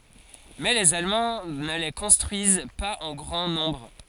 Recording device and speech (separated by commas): forehead accelerometer, read sentence